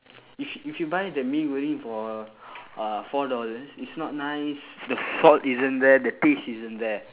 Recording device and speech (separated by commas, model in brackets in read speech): telephone, conversation in separate rooms